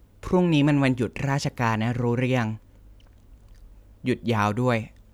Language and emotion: Thai, neutral